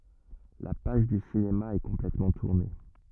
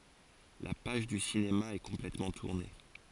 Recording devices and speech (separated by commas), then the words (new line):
rigid in-ear microphone, forehead accelerometer, read sentence
La page du cinéma est complètement tournée.